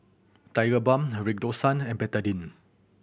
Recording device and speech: boundary microphone (BM630), read sentence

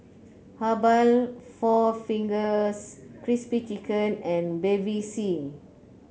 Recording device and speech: mobile phone (Samsung C9), read sentence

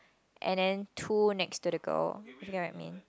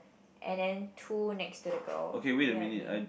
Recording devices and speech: close-talking microphone, boundary microphone, conversation in the same room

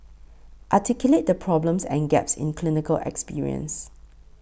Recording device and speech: boundary microphone (BM630), read sentence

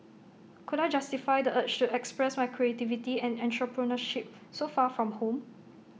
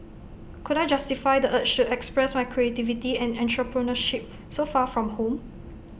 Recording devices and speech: mobile phone (iPhone 6), boundary microphone (BM630), read sentence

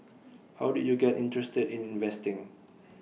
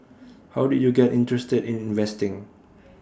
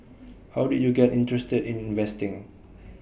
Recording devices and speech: mobile phone (iPhone 6), standing microphone (AKG C214), boundary microphone (BM630), read sentence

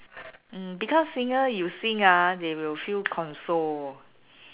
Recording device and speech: telephone, conversation in separate rooms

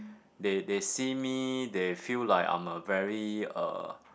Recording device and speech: boundary microphone, conversation in the same room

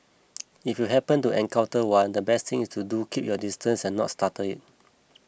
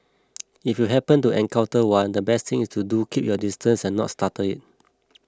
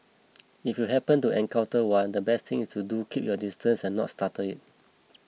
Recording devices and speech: boundary microphone (BM630), close-talking microphone (WH20), mobile phone (iPhone 6), read sentence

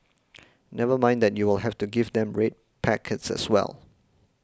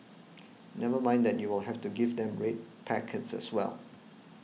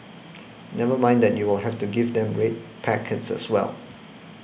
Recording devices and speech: close-talking microphone (WH20), mobile phone (iPhone 6), boundary microphone (BM630), read sentence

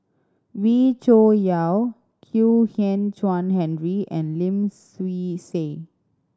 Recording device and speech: standing microphone (AKG C214), read sentence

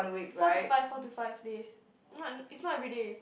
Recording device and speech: boundary microphone, conversation in the same room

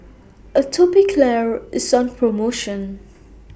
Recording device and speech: boundary microphone (BM630), read sentence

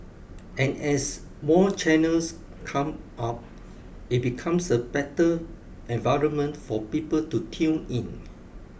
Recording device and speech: boundary microphone (BM630), read sentence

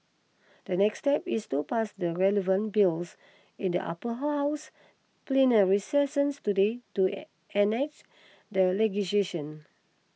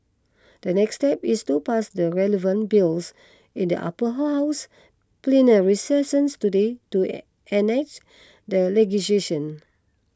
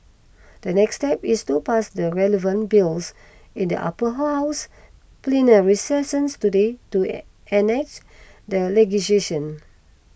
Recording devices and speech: mobile phone (iPhone 6), close-talking microphone (WH20), boundary microphone (BM630), read sentence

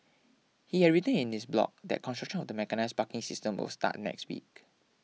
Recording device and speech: mobile phone (iPhone 6), read sentence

